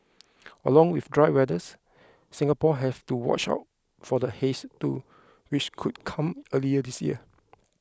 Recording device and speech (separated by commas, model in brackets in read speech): close-talking microphone (WH20), read sentence